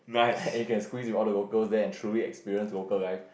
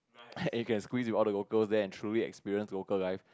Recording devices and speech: boundary microphone, close-talking microphone, conversation in the same room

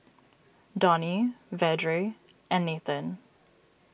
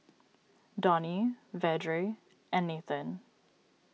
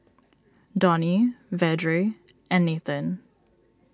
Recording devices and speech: boundary microphone (BM630), mobile phone (iPhone 6), standing microphone (AKG C214), read sentence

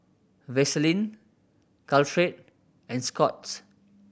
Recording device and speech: boundary microphone (BM630), read sentence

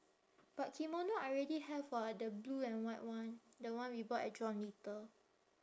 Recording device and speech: standing microphone, conversation in separate rooms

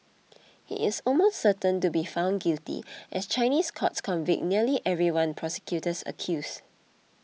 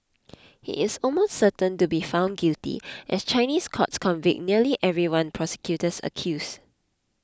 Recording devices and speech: mobile phone (iPhone 6), close-talking microphone (WH20), read sentence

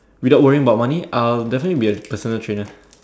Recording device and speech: standing microphone, conversation in separate rooms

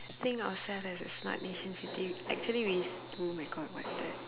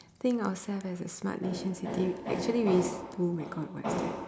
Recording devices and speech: telephone, standing microphone, conversation in separate rooms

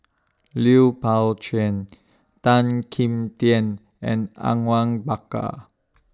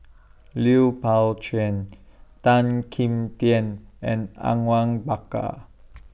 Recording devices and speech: standing microphone (AKG C214), boundary microphone (BM630), read sentence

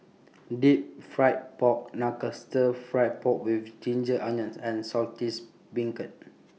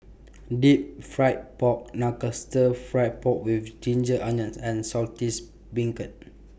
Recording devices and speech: mobile phone (iPhone 6), boundary microphone (BM630), read sentence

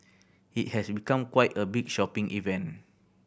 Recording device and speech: boundary microphone (BM630), read sentence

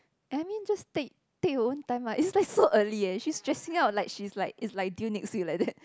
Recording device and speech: close-talking microphone, conversation in the same room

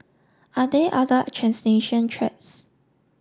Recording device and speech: standing microphone (AKG C214), read sentence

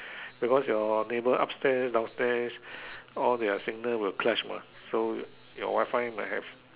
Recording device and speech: telephone, conversation in separate rooms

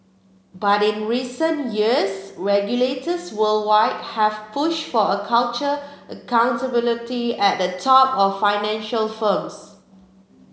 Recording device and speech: mobile phone (Samsung C7), read sentence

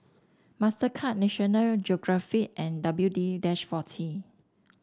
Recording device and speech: standing microphone (AKG C214), read sentence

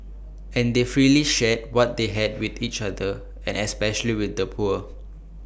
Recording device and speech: boundary microphone (BM630), read sentence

